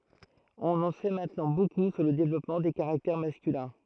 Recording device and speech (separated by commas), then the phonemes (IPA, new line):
throat microphone, read sentence
ɔ̃n ɑ̃ sɛ mɛ̃tnɑ̃ boku syʁ lə devlɔpmɑ̃ de kaʁaktɛʁ maskylɛ̃